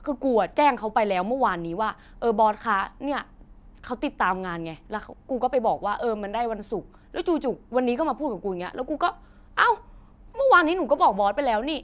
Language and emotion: Thai, frustrated